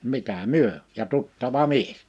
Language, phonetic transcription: Finnish, 'mitä "myö , ja 'tuttava "mies .
- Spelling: mitä me ja tuttava mies

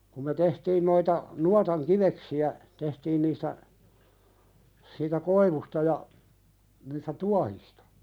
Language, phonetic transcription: Finnish, kum me "tehtiin noita , 'nuataŋ "kiveksi₍ä , tehtiin niistä , siitä "koivusta ja , niistä "tuahistᴀ .
- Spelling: kun me tehtiin noita nuotan kiveksiä tehtiin niistä siitä koivusta ja niistä tuohista

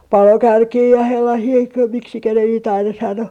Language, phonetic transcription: Finnish, "palokärkii ja sellasii 'miksikä ne niit aina 'sano .
- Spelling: palokärkiä ja sellaisia miksi ne niitä aina sanoi

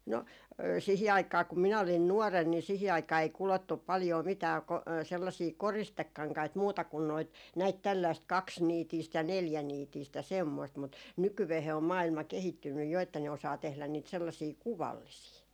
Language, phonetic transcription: Finnish, no , 'sihi aik̀aa kum 'minä olin "nuɔren ni sihi aik̀aa ei 'kulottup̆ paljoo 'mitää ko- , sellasii "koristekkaŋkait 'muuta kun noit , näit tälläist "kaksniitiist ja 'neljäniitiist ja semmoist mut , 'nykyveehe om 'maa₍ilma 'kehittynnyj 'jo että ne osaa 'tehlän niit 'sellasii "kuvallisii .
- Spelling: no siihen aikaan kun minä olin nuorena niin siihen aikaan ei kudottu paljoa mitään - sellaisia koristekankaita muuta kuin noita näitä tällaista kaksiniitistä ja neljäniitistä ja semmoista mutta nykyään on maailma kehittynyt jo että ne osaa tehdä niitä sellaisia kuvallisia

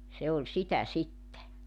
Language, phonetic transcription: Finnish, 'se oĺ 'sitä 'sitte .
- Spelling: se oli sitä sitten

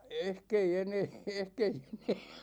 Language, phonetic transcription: Finnish, 'ehk ‿ei 'enee , 'ehk ‿ei 'enee .
- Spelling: ehkä ei enää ehkä ei enää

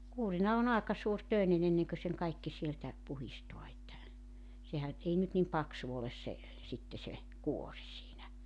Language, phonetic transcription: Finnish, 'kuurina o'n ‿aeka suur'tö̀enen ‿enneŋkö seŋ kaikki sieltä , puhistoa että , sehän 'ei nyt nim 'paksu oles se , 'sitte se , "kuoŕ siinä .
- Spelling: kuurina on aika suuritöinen ennen kuin sen kaikki sieltä puhdistaa että sehän ei nyt niin paksu ole se sitten se kuori siinä

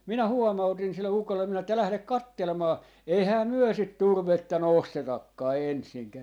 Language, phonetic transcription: Finnish, 'minä "huomautin sille ukolle minä että » 'lählek "kattelmaa , 'eihää 'myö sit 'turvetta "nostetakkaa 'ensiŋkää » .
- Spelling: minä huomautin sille ukolle minä että lähde katselemaan eihän me sitä turvetta nostetakaan ensinkään

